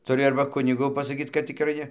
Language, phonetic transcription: Lithuanian, tuˈri ˈarba ˈkunigu pasaˈkyt kad tikˈrai ˈne

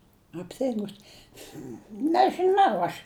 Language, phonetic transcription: Lithuanian, apˈtingus nežɨˈnau aš

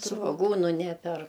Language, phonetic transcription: Lithuanian, svoˈgūnu ˈneper

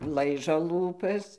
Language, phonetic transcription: Lithuanian, ˈlaižo ˈlūpas

